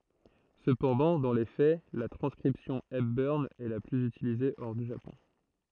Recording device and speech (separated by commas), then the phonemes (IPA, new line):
throat microphone, read sentence
səpɑ̃dɑ̃ dɑ̃ le fɛ la tʁɑ̃skʁipsjɔ̃ ɛpbœʁn ɛ la plyz ytilize ɔʁ dy ʒapɔ̃